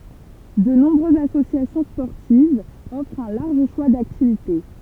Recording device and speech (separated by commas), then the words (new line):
temple vibration pickup, read sentence
De nombreuses associations sportives offrent un large choix d'activités.